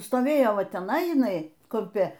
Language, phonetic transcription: Lithuanian, stoˈvėjo ˈva teˈnai jiˈnai kumˈpi

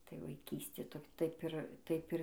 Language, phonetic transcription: Lithuanian, tai vaiˈkystė ˈto ˈtaip ir ˈtaip ir

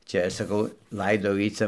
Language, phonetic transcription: Lithuanian, ˈčia saˈkau ˈlaidau ˈjį ˈca

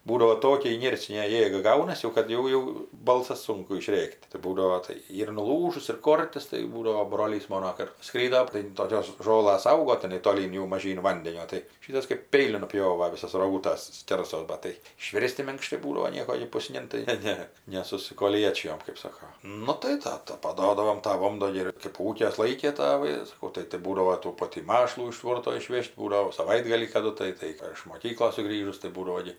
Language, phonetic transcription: Lithuanian, ˈbūdavo ˈtokia iˈnercinė ˈjėga ˈgaunas jau kad ˈjau ˈjau ˈbalsas ˈsunku iˈšrėk't' tai ˈbūdavo tai ˈir nuˈlūžus ir ˈkortis tai ˈbūdavo ˈbrolys ˈmono ˈkart ˈskrydo tai toˈkios ˈžolas ˈaugo tiˈnai toˈlyn jau maˈžyn ˈvandenio tai ˈšytas kɜp ˈpeiliu nuˈpjova ˈvisos roˈgūtas ˈskersos ˈbat tai iˈšvirsti minkˈštai ˈbūdavo ˈnieko gi jei puˈsnin tai ˈne ˈne nesusikoˈliečijom kɜp ˈsoko ˈnu tai ˈtata paˈduodavom ˈtą ˈondo gi kɜp ˈūkes ˈlaikė ˈtavai saˈkau tai tai ˈbūdavo tų ˈpotį ˈmašlų iš ˈtvorto iˈšvėž't' ˈbūdavo saˈvaitgalį kaˈdu tai ˈtai ar iš moˈkyklos suˈgrįžus tai ˈbūdavo gi

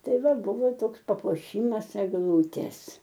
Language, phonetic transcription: Lithuanian, ˈtai ˈva ˈbuvo ˈtoks papuoˈšymas egˈlūtės

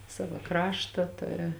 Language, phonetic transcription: Lithuanian, ˈsava ˈkrašta ˈturi

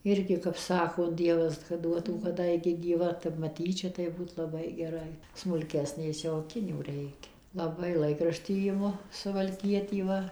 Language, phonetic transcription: Lithuanian, ˈirgi kap ˈsako ˈdievas kad ˈduotų kad ˈda igi gyˈva tep maˈtyčia tai ˈbūt laˈbai geˈrai smulˈkesnės jau aˈkinių ˈreikia laˈbai ˈlaikraštį iˈmu suvalˈkietį ˈva

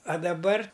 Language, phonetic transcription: Lithuanian, a daˈbar

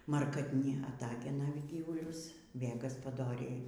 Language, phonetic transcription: Lithuanian, markatˈni aˈtagena ˈgyvulius vė gaspaˈdoriai

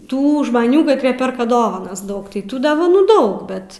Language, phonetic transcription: Lithuanian, ˈtų žmaˈnių katˈrie ˈperka ˈdovanas ˈdaug tai ˈtų dovaˈnų ˈdaug ˈbet

